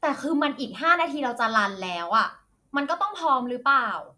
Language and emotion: Thai, angry